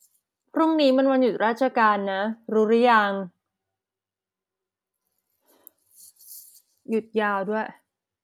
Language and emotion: Thai, frustrated